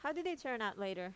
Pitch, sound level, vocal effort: 245 Hz, 86 dB SPL, normal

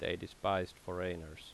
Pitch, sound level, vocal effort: 90 Hz, 82 dB SPL, normal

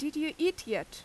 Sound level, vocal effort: 85 dB SPL, loud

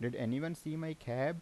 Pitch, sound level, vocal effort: 150 Hz, 84 dB SPL, normal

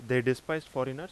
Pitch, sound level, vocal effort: 130 Hz, 90 dB SPL, loud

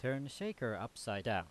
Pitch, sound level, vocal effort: 115 Hz, 88 dB SPL, loud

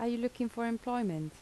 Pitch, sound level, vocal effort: 235 Hz, 78 dB SPL, soft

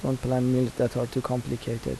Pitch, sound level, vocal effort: 125 Hz, 77 dB SPL, soft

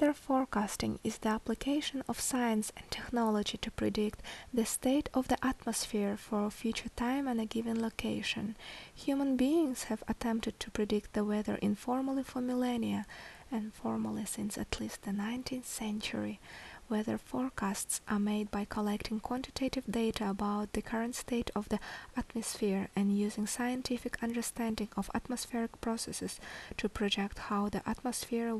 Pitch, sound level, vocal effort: 225 Hz, 70 dB SPL, soft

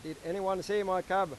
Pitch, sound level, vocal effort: 185 Hz, 98 dB SPL, loud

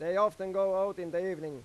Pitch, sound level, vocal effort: 190 Hz, 100 dB SPL, loud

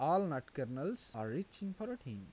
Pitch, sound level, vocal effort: 170 Hz, 84 dB SPL, normal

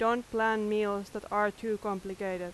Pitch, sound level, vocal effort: 210 Hz, 89 dB SPL, very loud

